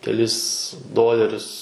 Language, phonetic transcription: Lithuanian, keˈlis ˈdolerius

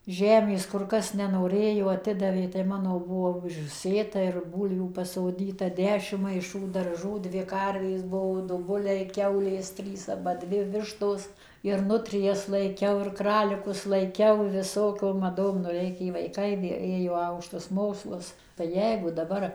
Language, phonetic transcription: Lithuanian, ˈžemės kur ˈkas nenoˈrėjo aˈtidavė tai ˈmano ˈbuvo užˈsėta ir ˈbūlvių pasoˈdyta ˈdešim maiˈšų darˈžų dvi ˈkarvės ˈbuvo du ˈbuliai ˈkiaulės ˈtrys ˈaba ˈdvi ˈvištos ir ˈnutrijas laiˈkiau ir ˈkralikus laiˈkiau viˈsokiom maˈdom nu ˈreikė vaiˈkai vė ˈėjo ˈaukštus ˈmokslus tai ˈjeigu daˈbar

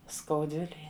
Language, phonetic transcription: Lithuanian, skauˈdvilėj

